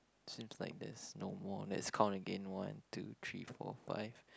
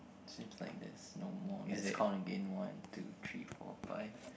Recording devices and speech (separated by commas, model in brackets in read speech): close-talking microphone, boundary microphone, conversation in the same room